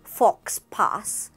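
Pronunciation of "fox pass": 'Faux pas' is pronounced incorrectly here.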